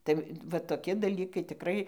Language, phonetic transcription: Lithuanian, tai va toˈki daˈlykai tiˈkrai

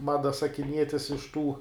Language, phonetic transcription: Lithuanian, ˈmada sakiˈnietis iš ˈtų

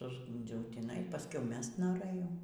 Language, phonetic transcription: Lithuanian, susˈgūndziau tįˈnai paˈskui ˈmest noˈrɘjau

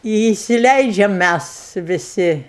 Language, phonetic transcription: Lithuanian, i įsiˈleidžiam ˈmæs viˈsi

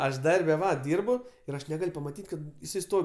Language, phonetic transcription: Lithuanian, ˈaš ˈdarbe ˈva ˈdyrbu ir ˈaš neˈgal' pamaˈtyt' ˈkad jiˈsai ˈstov'

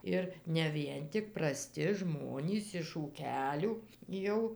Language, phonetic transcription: Lithuanian, ˈir ne ˈvien tik praˈsti ˈžmonys iš ūˈkelių ˈjau

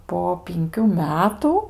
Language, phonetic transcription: Lithuanian, po pinˈkių ˈmetu

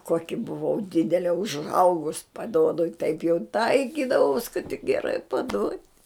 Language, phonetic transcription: Lithuanian, ˈkoki buˈvau ˈdidele užˈaugus paˈduodu i taip jau ˈtaikydavaus kad tik geˈrai paˈduot'

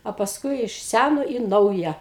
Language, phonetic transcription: Lithuanian, o pasˈkui iš ˈsæno i ˈnauja

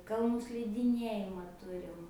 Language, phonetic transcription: Lithuanian, kalˈnų slidiˈniejimą ˈturim

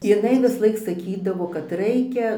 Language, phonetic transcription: Lithuanian, jiˈnai visˈlaik saˈkydavo kad ˈraikia

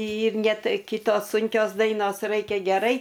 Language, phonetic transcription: Lithuanian, ir ˈne ˈtai ˈkitos ˈsunkios ˈdainos ˈraikia geˈrai

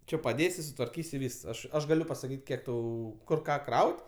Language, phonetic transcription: Lithuanian, ˈči paˈdėsi sutvarˈkys' i ˈvys ˈaš ˈaš gaˈliu pasaˈkyt' ˈkiek ˈtau ˈkur ˈką ˈkraut'

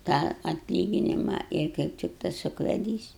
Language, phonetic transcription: Lithuanian, tą atˈlyginima ir kaip ˈtik tas ukveˈdys

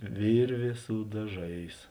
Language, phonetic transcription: Lithuanian, ˈvirvė su daˈžais

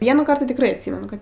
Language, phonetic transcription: Lithuanian, ˈvienųˌkart ti tikˈrai atˈsymenu ˈkad

